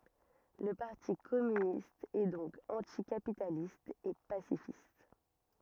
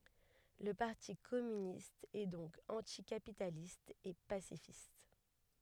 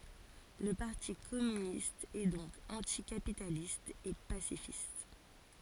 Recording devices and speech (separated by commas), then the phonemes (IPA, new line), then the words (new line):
rigid in-ear microphone, headset microphone, forehead accelerometer, read sentence
lə paʁti kɔmynist ɛ dɔ̃k ɑ̃tikapitalist e pasifist
Le Parti communiste est donc anti-capitaliste et pacifiste.